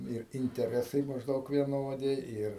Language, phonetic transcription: Lithuanian, ir inteˈresai mažˈdaug vieˈnodi ˈir

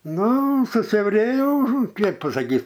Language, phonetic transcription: Lithuanian, ˈnu susiauˈrėjo ˈkėp pasaˈkyt

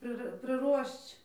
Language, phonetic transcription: Lithuanian, ˈprɨ prɨˈruošč

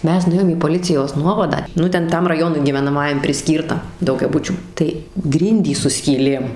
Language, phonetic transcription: Lithuanian, ˈmes nuˈėjom į poˈlicijos ˈnuovadą ˈnu ˈten ˈtam raˈjonui gyvenaˈmajam priˈskyrta daugiaˈbučių tai ˈgrindys su skyˈlėm

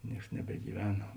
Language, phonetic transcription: Lithuanian, ˈnieks nebegyˈvena

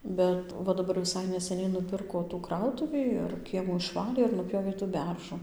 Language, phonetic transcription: Lithuanian, ˈ bet va ˈdabar neseˈniai nuˈpirko tų ˈkrautuvį ir ˈkiemų išˈvalė ir nuˈpjovė tų ˈberžu

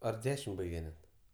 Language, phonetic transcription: Lithuanian, ar ˈdešim ˈbaige net

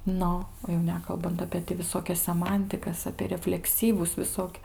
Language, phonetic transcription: Lithuanian, ˈnu o jau ˈnekalbant apė ti viˈsokias seˈmantikas apie reflekˈsyvus viˈsok'

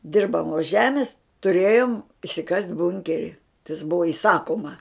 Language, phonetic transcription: Lithuanian, ˈdirbamos ˈžemis tuˈrėjom išsiˈkast' ˈbunkeri tas ˈbuvo iˈsakoma

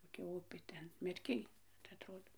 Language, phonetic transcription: Lithuanian, koˈkia ˈupė ˈten merˈkij tai atˈrodo

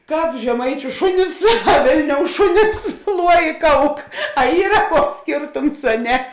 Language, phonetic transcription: Lithuanian, ˈkāp žeˈmaičiu ˈšunis a ˈvėlniou ˈšunis ˈluo i ˈkauk a ˈyra ˈkuoks ˈskėrtums a ˈne

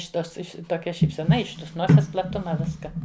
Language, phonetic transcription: Lithuanian, iš' ˈtos ˈiš' toˈkia šypseˈna iš ˈtos ˈnoses plaˈtuma ˈviska

